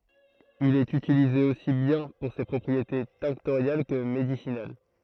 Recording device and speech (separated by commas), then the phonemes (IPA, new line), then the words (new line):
throat microphone, read sentence
il ɛt ytilize osi bjɛ̃ puʁ se pʁɔpʁiete tɛ̃ktoʁjal kə medisinal
Il est utilisé aussi bien pour ses propriétés tinctoriales que médicinales.